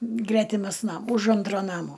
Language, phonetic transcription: Lithuanian, ˈgretimas ˈnam už ˈantro ˈnamo

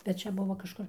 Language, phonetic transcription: Lithuanian, bet ˈčia ˈbuvo kažˈkur

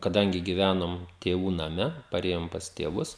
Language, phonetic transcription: Lithuanian, kaˈdangi giˈvænom tėˈvų naˈme paˈrėjom pas tėˈvus

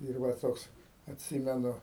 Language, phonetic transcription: Lithuanian, ir ˈva ˈtoks atˈsimenu

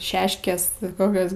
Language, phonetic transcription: Lithuanian, ˈšeškės ˈkokios

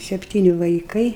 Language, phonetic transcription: Lithuanian, sepˈtyni vaiˈkai

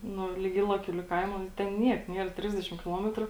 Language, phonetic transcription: Lithuanian, ˈnu lig ˈylaˌkių lig ˈkaimo ˈten ˈniek ˈnier ˈtrisdešim kiˈlometru

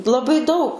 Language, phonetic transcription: Lithuanian, laˈbai dau

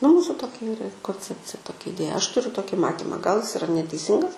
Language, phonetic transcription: Lithuanian, nu ˈmūsu ˈtokia ˈyra konˈcepcija ˈtokia iˈdėja ˈaš tuˈriu ˈtoki ˈmatima gal is iˈra neteiˈsingas

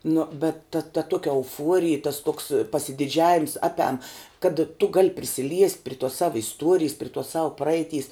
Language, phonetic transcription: Lithuanian, nu bet ta ta ˈtuokia euˈfuorij tas toks pasidiˈdžiavims ˈapiam kad tu gal' prisiˈliest' pri tuos ˈsava isˈtuorijs pri tuos sau ˈpraeiˌtys

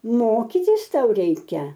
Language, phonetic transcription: Lithuanian, ˈmokytis ˈtau ˈreikia

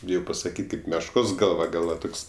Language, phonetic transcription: Lithuanian, ˈbijau pasaˈkyt' ˈkaip mešˈkos ˈgalva ˈgal va ˈtoks

